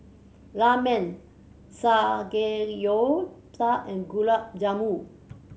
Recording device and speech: mobile phone (Samsung C7100), read sentence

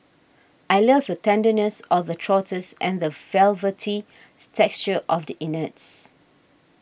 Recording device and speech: boundary microphone (BM630), read sentence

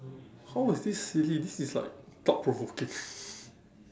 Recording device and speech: standing microphone, conversation in separate rooms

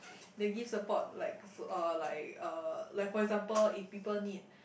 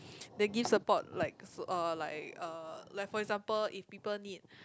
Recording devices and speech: boundary microphone, close-talking microphone, conversation in the same room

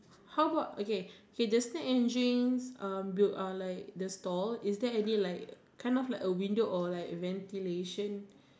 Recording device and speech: standing microphone, conversation in separate rooms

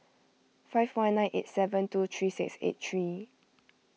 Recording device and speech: mobile phone (iPhone 6), read sentence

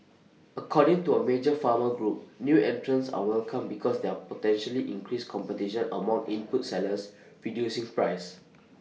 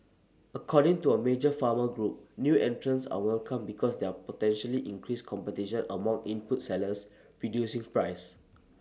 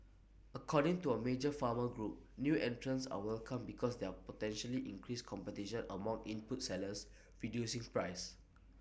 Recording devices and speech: mobile phone (iPhone 6), standing microphone (AKG C214), boundary microphone (BM630), read sentence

